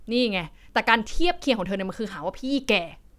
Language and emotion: Thai, angry